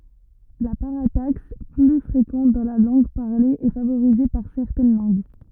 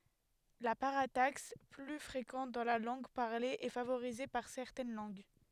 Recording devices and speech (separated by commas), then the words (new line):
rigid in-ear microphone, headset microphone, read sentence
La parataxe, plus fréquente dans la langue parlée, est favorisée par certaines langues.